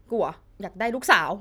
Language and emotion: Thai, happy